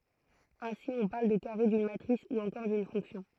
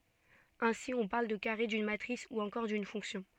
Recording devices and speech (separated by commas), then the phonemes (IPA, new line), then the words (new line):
throat microphone, soft in-ear microphone, read sentence
ɛ̃si ɔ̃ paʁl də kaʁe dyn matʁis u ɑ̃kɔʁ dyn fɔ̃ksjɔ̃
Ainsi, on parle de carré d'une matrice ou encore d'une fonction.